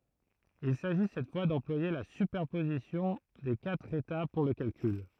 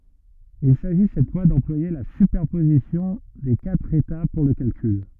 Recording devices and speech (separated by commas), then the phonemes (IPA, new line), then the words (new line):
throat microphone, rigid in-ear microphone, read sentence
il saʒi sɛt fwa dɑ̃plwaje la sypɛʁpozisjɔ̃ de katʁ eta puʁ lə kalkyl
Il s'agit cette fois d'employer la superposition des quatre états pour le calcul.